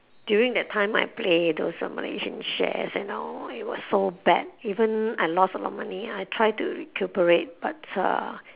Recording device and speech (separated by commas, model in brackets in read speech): telephone, conversation in separate rooms